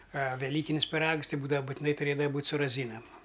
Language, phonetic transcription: Lithuanian, a veˈlykinis piˈrags ˈti ˈbūdava butiˈnai tuˈrėdava ˈbūt' su raˈzynam

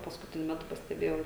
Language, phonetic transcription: Lithuanian, paskuˈtiniu ˈmetu pasteˈbėjau

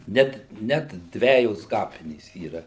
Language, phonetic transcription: Lithuanian, ˈnet net ˈdvejos ˈkapinės yˈra

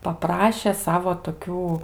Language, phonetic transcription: Lithuanian, paˈpraše ˈsavo toˈkių

